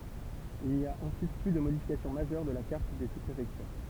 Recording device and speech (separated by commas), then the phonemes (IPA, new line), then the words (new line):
temple vibration pickup, read sentence
il ni a ɑ̃syit ply də modifikasjɔ̃ maʒœʁ də la kaʁt de suspʁefɛktyʁ
Il n'y a ensuite plus de modification majeure de la carte des sous-préfectures.